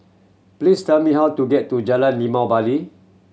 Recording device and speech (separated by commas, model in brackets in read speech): mobile phone (Samsung C7100), read sentence